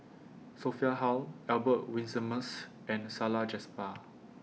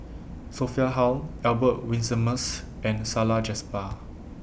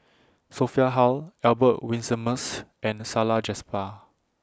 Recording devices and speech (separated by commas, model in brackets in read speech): mobile phone (iPhone 6), boundary microphone (BM630), standing microphone (AKG C214), read sentence